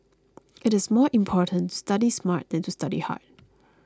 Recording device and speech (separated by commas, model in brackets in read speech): close-talking microphone (WH20), read sentence